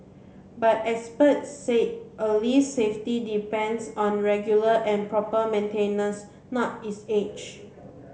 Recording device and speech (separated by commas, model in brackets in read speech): mobile phone (Samsung C7), read sentence